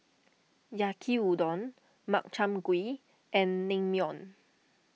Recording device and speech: mobile phone (iPhone 6), read sentence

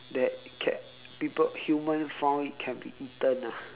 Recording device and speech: telephone, conversation in separate rooms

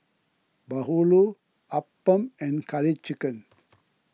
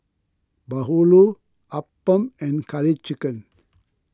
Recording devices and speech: mobile phone (iPhone 6), close-talking microphone (WH20), read sentence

